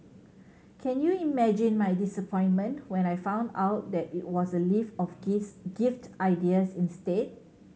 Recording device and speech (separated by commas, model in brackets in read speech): mobile phone (Samsung C7100), read sentence